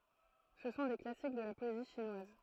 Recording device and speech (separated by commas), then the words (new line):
throat microphone, read sentence
Ce sont des classiques de la poésie chinoise.